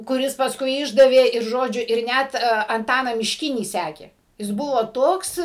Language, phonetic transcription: Lithuanian, kuˈris pasˈkui ˈišdavė ir ˈžodžiu ir ˈnæt anˈtaną mišˈkinį ˈsekė jis ˈbuvo ˈtoks

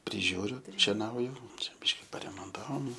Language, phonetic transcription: Lithuanian, priˈžiūriu šeˈnauju ˈčia ˈbiški paremonˈtavom

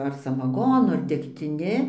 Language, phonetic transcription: Lithuanian, ar samaˈgonu ar degtiˈni

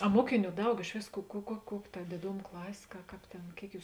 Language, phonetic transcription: Lithuanian, a ˈmuokiˌnių ˈdaug iš ˈvės ku ku kuo ˈkuok' ta dėˈdom ˈklasė ka ˈkāp tėn ˈkėik ˈjūs

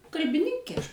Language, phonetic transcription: Lithuanian, kalbiˈninkė ˈaš

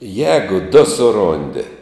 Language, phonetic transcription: Lithuanian, ˈjēgu du suˈrondi

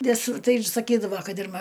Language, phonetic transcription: Lithuanian, ˈvisur ˈtai ir saˈkydavo ˈkad ir ma

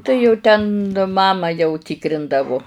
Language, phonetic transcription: Lithuanian, tai jau ˈten ˈmama jau ˈtikrindavu

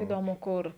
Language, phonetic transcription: Lithuanian, įˈdomu ˈkur

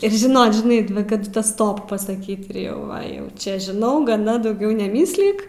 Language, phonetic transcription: Lithuanian, ir žiˈnot žiˈnai va kaˈdu ˈta ˈstop pasaˈkyt ir ˈjau ˈva ˈjau ˈčia žiˈnau gaˈna dauˈgiau neˈmyslik

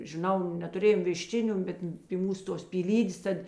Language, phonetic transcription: Lithuanian, žiˈnau netuˈrėjom viˈščiniu ˈbet pi ˈmūs ˈtos pyˈlydės ˈtad

